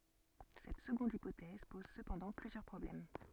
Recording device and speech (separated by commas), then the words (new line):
soft in-ear microphone, read sentence
Cette seconde hypothèse pose cependant plusieurs problèmes.